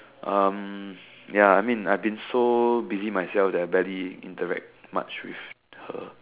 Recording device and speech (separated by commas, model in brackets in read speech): telephone, conversation in separate rooms